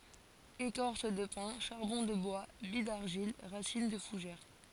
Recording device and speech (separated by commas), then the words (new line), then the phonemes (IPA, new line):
forehead accelerometer, read sentence
Écorce de pin, charbon de bois, billes d'argile, racines de fougères.
ekɔʁs də pɛ̃ ʃaʁbɔ̃ də bwa bij daʁʒil ʁasin də fuʒɛʁ